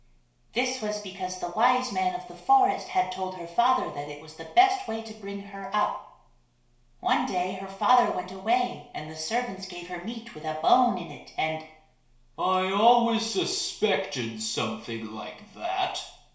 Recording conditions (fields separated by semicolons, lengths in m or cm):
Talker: one person; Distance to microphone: 1.0 m; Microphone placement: close; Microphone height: 1.1 m; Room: small (3.7 m by 2.7 m); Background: none